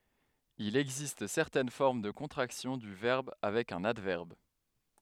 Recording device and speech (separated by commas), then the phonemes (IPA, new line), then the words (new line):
headset microphone, read sentence
il ɛɡzist sɛʁtɛn fɔʁm də kɔ̃tʁaksjɔ̃ dy vɛʁb avɛk œ̃n advɛʁb
Il existe certaines formes de contractions du verbe avec un adverbe.